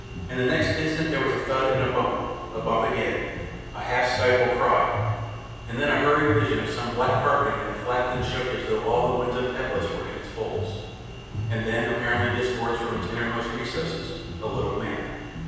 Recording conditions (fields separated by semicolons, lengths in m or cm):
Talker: one person; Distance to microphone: 7.1 m; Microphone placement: far; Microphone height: 1.7 m; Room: very reverberant, large; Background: music